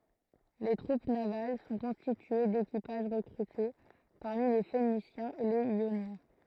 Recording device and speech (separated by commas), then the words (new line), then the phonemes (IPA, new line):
throat microphone, read sentence
Les troupes navales sont constituées d'équipages recrutés parmi les Phéniciens et les Ioniens.
le tʁup naval sɔ̃ kɔ̃stitye dekipaʒ ʁəkʁyte paʁmi le fenisjɛ̃z e lez jonjɛ̃